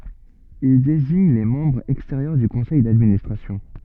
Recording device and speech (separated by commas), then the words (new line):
soft in-ear microphone, read sentence
Il désigne les membres extérieurs du Conseil d'Administration.